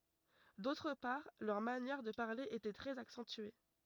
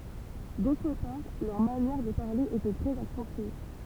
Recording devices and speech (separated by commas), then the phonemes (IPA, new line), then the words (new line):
rigid in-ear microphone, temple vibration pickup, read sentence
dotʁ paʁ lœʁ manjɛʁ də paʁle etɛ tʁɛz aksɑ̃tye
D'autre part, leur manière de parler était très accentuée.